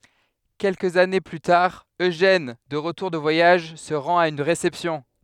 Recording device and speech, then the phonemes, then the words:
headset microphone, read sentence
kɛlkəz ane ply taʁ øʒɛn də ʁətuʁ də vwajaʒ sə ʁɑ̃t a yn ʁesɛpsjɔ̃
Quelques années plus tard, Eugène, de retour de voyage, se rend à une réception.

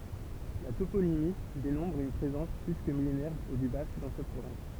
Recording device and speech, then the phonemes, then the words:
temple vibration pickup, read sentence
la toponimi demɔ̃tʁ yn pʁezɑ̃s ply kə milenɛʁ dy bask dɑ̃ sɛt pʁovɛ̃s
La toponymie démontre une présence plus que millénaire du basque dans cette province.

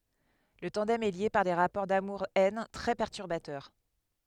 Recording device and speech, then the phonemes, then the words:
headset microphone, read sentence
lə tɑ̃dɛm ɛ lje paʁ de ʁapɔʁ damuʁ ɛn tʁɛ pɛʁtyʁbatœʁ
Le tandem est lié par des rapports d'amour-haine très perturbateurs.

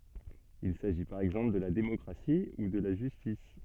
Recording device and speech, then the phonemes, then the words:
soft in-ear microphone, read sentence
il saʒi paʁ ɛɡzɑ̃pl də la demɔkʁasi u də la ʒystis
Il s'agit par exemple de la démocratie ou de la justice.

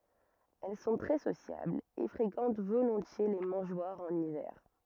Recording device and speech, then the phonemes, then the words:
rigid in-ear microphone, read sentence
ɛl sɔ̃ tʁɛ sosjablz e fʁekɑ̃t volɔ̃tje le mɑ̃ʒwaʁz ɑ̃n ivɛʁ
Elles sont très sociables et fréquentent volontiers les mangeoires en hiver.

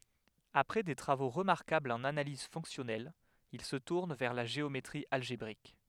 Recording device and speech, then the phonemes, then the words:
headset microphone, read sentence
apʁɛ de tʁavo ʁəmaʁkablz ɑ̃n analiz fɔ̃ksjɔnɛl il sə tuʁn vɛʁ la ʒeometʁi alʒebʁik
Après des travaux remarquables en analyse fonctionnelle, il se tourne vers la géométrie algébrique.

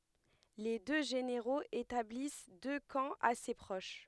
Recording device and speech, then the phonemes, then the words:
headset microphone, read sentence
le dø ʒeneʁoz etablis dø kɑ̃ ase pʁoʃ
Les deux généraux établissent deux camps assez proches.

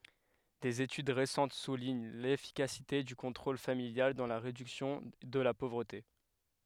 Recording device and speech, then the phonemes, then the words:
headset microphone, read sentence
dez etyd ʁesɑ̃t suliɲ lefikasite dy kɔ̃tʁol familjal dɑ̃ la ʁedyksjɔ̃ də la povʁəte
Des études récentes soulignent l’efficacité du contrôle familial dans la réduction de la pauvreté.

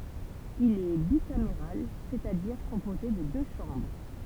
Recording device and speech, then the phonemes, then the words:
temple vibration pickup, read sentence
il ɛ bikameʁal sɛt a diʁ kɔ̃poze də dø ʃɑ̃bʁ
Il est bicaméral, c'est-à-dire composé de deux chambres.

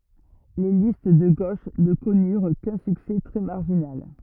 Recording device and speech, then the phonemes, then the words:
rigid in-ear microphone, read sentence
le list də ɡoʃ nə kɔnyʁ kœ̃ syksɛ tʁɛ maʁʒinal
Les listes de gauche ne connurent qu'un succès très marginal.

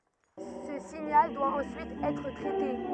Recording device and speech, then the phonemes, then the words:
rigid in-ear microphone, read sentence
sə siɲal dwa ɑ̃syit ɛtʁ tʁɛte
Ce signal doit ensuite être traité.

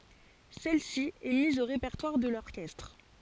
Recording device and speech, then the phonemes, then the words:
forehead accelerometer, read sentence
sɛl si ɛ miz o ʁepɛʁtwaʁ də lɔʁkɛstʁ
Celle-ci est mise au répertoire de l'orchestre.

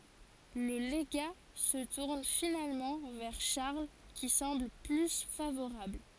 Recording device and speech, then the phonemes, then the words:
forehead accelerometer, read sentence
lə leɡa sə tuʁn finalmɑ̃ vɛʁ ʃaʁl ki sɑ̃bl ply favoʁabl
Le légat se tourne finalement vers Charles qui semble plus favorable.

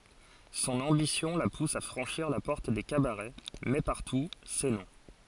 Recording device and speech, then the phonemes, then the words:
forehead accelerometer, read sentence
sɔ̃n ɑ̃bisjɔ̃ la pus a fʁɑ̃ʃiʁ la pɔʁt de kabaʁɛ mɛ paʁtu sɛ nɔ̃
Son ambition la pousse à franchir la porte des cabarets, mais partout, c’est non.

